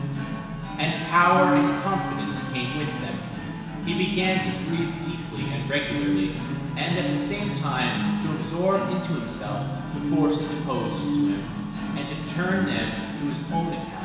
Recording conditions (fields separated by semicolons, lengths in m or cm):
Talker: one person; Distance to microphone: 1.7 m; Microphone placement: close; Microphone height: 1.0 m; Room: very reverberant, large; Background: music